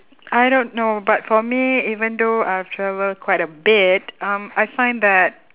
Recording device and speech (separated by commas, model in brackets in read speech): telephone, conversation in separate rooms